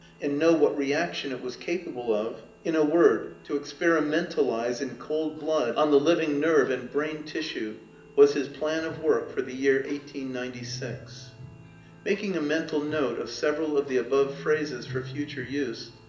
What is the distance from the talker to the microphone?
1.8 m.